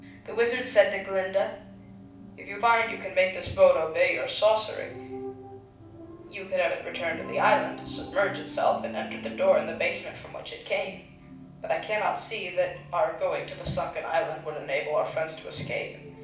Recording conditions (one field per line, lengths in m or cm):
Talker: one person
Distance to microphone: 5.8 m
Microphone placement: far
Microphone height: 1.8 m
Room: medium-sized (5.7 m by 4.0 m)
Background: television